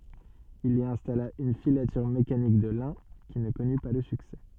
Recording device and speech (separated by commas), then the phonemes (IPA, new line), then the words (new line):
soft in-ear microphone, read sentence
il i ɛ̃stala yn filatyʁ mekanik də lɛ̃ ki nə kɔny pa lə syksɛ
Il y installa une filature mécanique de lin qui ne connut pas le succès.